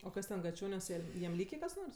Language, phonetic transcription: Lithuanian, o ˈkas ten gaˈčioniuos ˈjam ˈlykė kas ˈnors

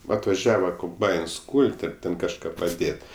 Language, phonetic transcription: Lithuanian, va atvaˈžiava komˈbains ˈkūl't' ar ˈten kažˈką paˈdėt'

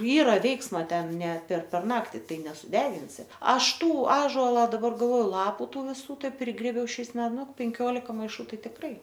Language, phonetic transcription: Lithuanian, ˈyra ˈveiksma ˈten ne per per ˈnakti ˈtai nesuˈdeginsi ˈaš ˈtų ˈąžola daˈbar galˈvoju ˈlapu ˈtų viˈsų ˈtai ˈprigrėbiau ˈšiais ˈme ˈnu penˈkiolika maiˈšų ˈtai tikˈrai

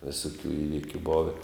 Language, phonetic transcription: Lithuanian, visuˈkių ˈįvikiu ˈbove

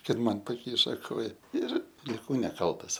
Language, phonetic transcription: Lithuanian, kad ˈman paˈkyša ˈkoja ir liˈkau neˈkaltas

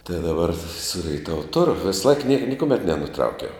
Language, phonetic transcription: Lithuanian, tai daˈbar su reiˈtavu ˈturu ˈvėsˌlaik niek nikuˈmet nenuˈtraukiau

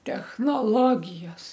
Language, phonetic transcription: Lithuanian, technoˈlogijos

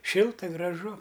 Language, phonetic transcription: Lithuanian, ˈšilta graˈžu

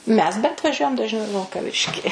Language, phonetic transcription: Lithuanian, ˈmes bent vaˈžiuojam dažˈniau i vilkaˈviški

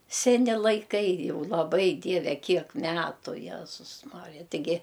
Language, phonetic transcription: Lithuanian, seˈni laiˈkai ˈjau laˈbai ˈdieve ˈkiek ˈmetu ˈjezus ˈmarija tiˈgi

